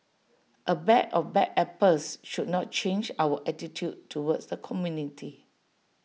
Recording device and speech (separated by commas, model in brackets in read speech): mobile phone (iPhone 6), read sentence